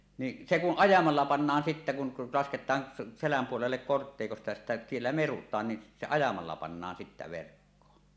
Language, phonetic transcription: Finnish, ni , 'se kuˀ "ˀajamalla pannaan sittä kun , lasket̀aan , "seläm puolellek 'korttèikosta ja sittä siellä "merut̆taan ni , se 'ajamalla pannaan sittä verkkoon .
- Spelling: niin se kun ajamalla pannaan sitten kun lasketaan selän puolelle kortteikosta ja sitten siellä merutaan niin se ajamalla pannaan sitten verkkoon

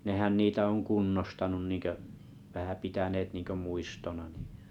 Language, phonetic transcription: Finnish, nehän 'niitä oŋ "kunnostanuⁿ 'nìŋkö’ , vähä 'pitäneet niiŋkö 'muistona (ɴɪ) .
- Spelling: nehän niitä on kunnostanut niin kuin vähän pitäneet niin kuin muistona niin

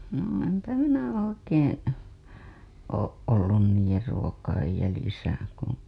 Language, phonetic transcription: Finnish, no empä minä 'oikeeḛ , ooˀ ˀollun niij̆jer ruo-kaij jälisä .
- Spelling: no enpä minä oikein ole ollut niiden ruokien jäljissä

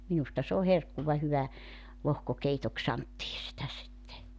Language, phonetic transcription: Finnish, minusta s ‿oo 'herkkuva 'hyvä , 'lohkokeitok 'santtii sitä sitte .
- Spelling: minusta se on herkkua hyvä lohkokeitoksi sanottiin sitä sitten

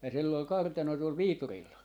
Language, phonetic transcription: Finnish, ja sill ‿ol 'kartano tuol "Viiturilla .
- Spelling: ja sillä oli kartano tuolla Viiturilla

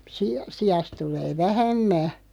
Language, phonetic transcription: Finnish, si- 'siʲast 'tulee "vähä̳§mmä .
- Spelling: - siasta tulee vähemmän

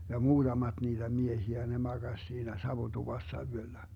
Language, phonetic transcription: Finnish, ja "muuDamaD niitä 'mie-hiä ne 'maGaś siinä "savutuvassa 'yöllä .
- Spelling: ja muutamat niitä miehiä ne makasi siinä savutuvassa yöllä

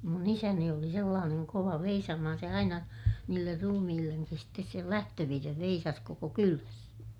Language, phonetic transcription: Finnish, mun ‿isäni oli sellaaneŋ kova veisaamahan - se aina , niiller rumihilleŋkis stes sel lähtövirrev veisas koko kyläs .
- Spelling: minun isäni oli sellainen kova veisaamaan se aina niille ruumillekin sitten sen lähtövirren veisasi koko kylässä

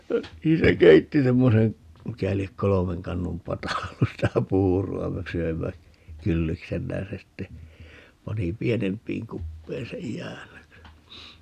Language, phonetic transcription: Finnish, 'niin se "keitti 'semmoseŋ , 'mikä liek "kolomeŋ 'kannum "pata ollus 'sitä "puuru₍a - me 'söimmä , "kylliksemmä ja se sitte , 'pani "pienemp̀iiŋ 'kuppein 'sej "jäännökse .
- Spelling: niin se keitti semmoisen mikä lie kolmen kannun pata ollut sitä puuroa me söimme kylliksemme ja se sitten pani pienempiin kuppeihin sen jäännöksen

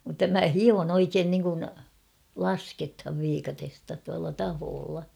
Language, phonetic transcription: Finnish, mutta 'mä "hion ‿"oikeen niŋkun , "laskethav 'viikatesta tualla 'tahoolla .
- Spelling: mutta minä hion oikein niin kuin lasketaan viikatetta tuolla tahkolla

